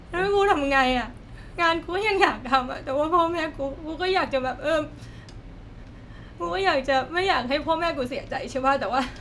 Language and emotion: Thai, sad